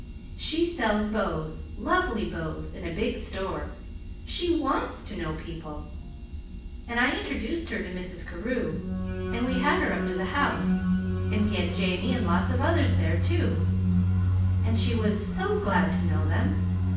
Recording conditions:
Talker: one person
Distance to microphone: 9.8 m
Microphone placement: far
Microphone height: 1.8 m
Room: large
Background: music

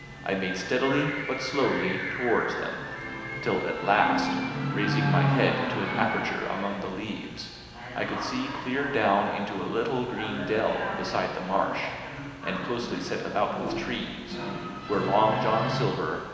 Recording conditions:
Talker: one person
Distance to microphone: 1.7 m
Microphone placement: close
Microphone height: 1.0 m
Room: very reverberant, large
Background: television

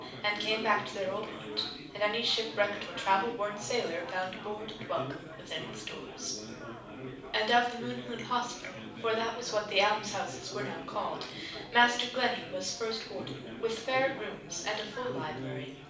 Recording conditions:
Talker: one person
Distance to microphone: 5.8 m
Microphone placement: far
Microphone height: 1.8 m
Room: medium-sized (5.7 m by 4.0 m)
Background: babble

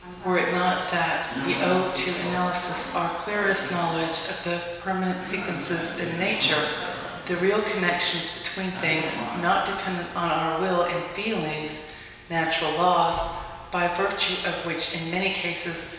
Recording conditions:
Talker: one person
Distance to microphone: 1.7 m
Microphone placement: close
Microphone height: 1.0 m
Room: very reverberant, large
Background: television

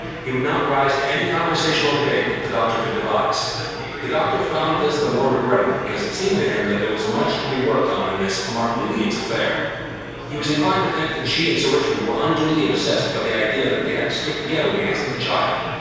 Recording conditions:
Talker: one person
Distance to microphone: 7.1 m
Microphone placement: far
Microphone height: 1.7 m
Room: very reverberant, large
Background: babble

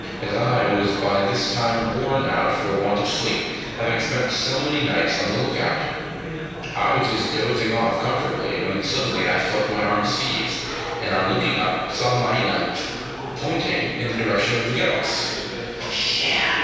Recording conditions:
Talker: one person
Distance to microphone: 7.1 m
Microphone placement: far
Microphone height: 1.7 m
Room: very reverberant, large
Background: babble

